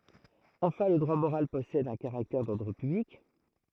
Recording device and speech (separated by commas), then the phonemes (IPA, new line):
throat microphone, read sentence
ɑ̃fɛ̃ lə dʁwa moʁal pɔsɛd œ̃ kaʁaktɛʁ dɔʁdʁ pyblik